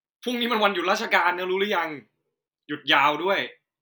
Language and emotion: Thai, frustrated